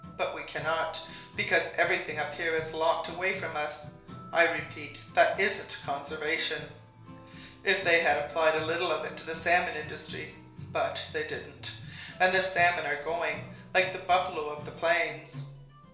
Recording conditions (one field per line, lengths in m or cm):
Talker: one person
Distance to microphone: 1.0 m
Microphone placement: close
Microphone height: 1.1 m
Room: small (3.7 m by 2.7 m)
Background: music